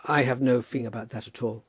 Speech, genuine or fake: genuine